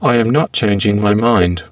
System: VC, spectral filtering